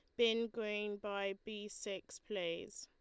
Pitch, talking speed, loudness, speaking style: 210 Hz, 140 wpm, -41 LUFS, Lombard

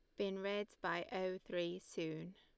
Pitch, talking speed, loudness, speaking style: 185 Hz, 165 wpm, -43 LUFS, Lombard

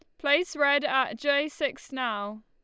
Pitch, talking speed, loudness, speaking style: 280 Hz, 160 wpm, -27 LUFS, Lombard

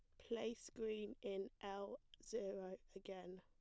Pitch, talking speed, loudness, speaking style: 200 Hz, 110 wpm, -50 LUFS, plain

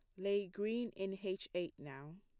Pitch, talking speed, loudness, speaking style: 195 Hz, 180 wpm, -41 LUFS, plain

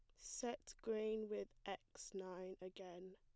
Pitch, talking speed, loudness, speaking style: 190 Hz, 120 wpm, -49 LUFS, plain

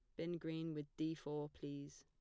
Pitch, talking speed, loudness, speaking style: 150 Hz, 200 wpm, -46 LUFS, plain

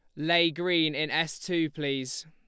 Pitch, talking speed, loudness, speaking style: 160 Hz, 175 wpm, -27 LUFS, Lombard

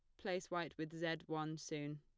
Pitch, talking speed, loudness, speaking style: 160 Hz, 200 wpm, -44 LUFS, plain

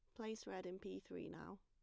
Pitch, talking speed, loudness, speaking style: 195 Hz, 255 wpm, -51 LUFS, plain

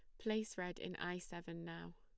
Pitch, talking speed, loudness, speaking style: 175 Hz, 205 wpm, -45 LUFS, plain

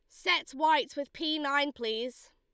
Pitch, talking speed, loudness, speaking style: 285 Hz, 170 wpm, -30 LUFS, Lombard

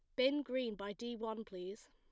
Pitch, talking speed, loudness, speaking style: 225 Hz, 210 wpm, -41 LUFS, plain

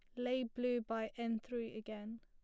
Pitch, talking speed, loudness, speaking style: 230 Hz, 185 wpm, -41 LUFS, plain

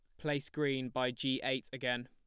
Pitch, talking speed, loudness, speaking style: 130 Hz, 195 wpm, -36 LUFS, plain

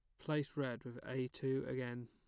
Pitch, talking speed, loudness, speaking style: 130 Hz, 195 wpm, -42 LUFS, plain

